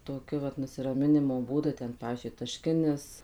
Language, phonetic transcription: Lithuanian, toˈkiu vat nusiraˈminimo ˈbūdu ˈten ˈpavyzdžiui taˈškinis

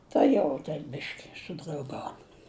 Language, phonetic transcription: Lithuanian, ˈta jau ten ˈbiški sudrauˈgaun

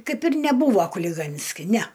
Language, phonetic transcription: Lithuanian, ˈkaip ir neˈbūvo kuliˈganski næ

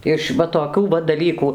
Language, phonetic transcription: Lithuanian, iš ˈva toˈkių va daˈlykų

